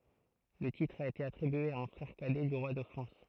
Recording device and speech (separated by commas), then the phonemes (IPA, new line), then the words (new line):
throat microphone, read sentence
lə titʁ a ete atʁibye a œ̃ fʁɛʁ kadɛ dy ʁwa də fʁɑ̃s
Le titre a été attribué à un frère cadet du roi de France.